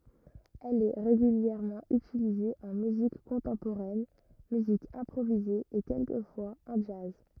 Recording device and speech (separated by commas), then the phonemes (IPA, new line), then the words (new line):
rigid in-ear microphone, read sentence
ɛl ɛ ʁeɡyljɛʁmɑ̃ ytilize ɑ̃ myzik kɔ̃tɑ̃poʁɛn myzik ɛ̃pʁovize e kɛlkəfwaz ɑ̃ dʒaz
Elle est régulièrement utilisée en musique contemporaine, musique improvisée et quelquefois en jazz.